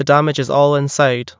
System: none